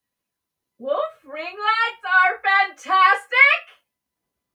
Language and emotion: English, surprised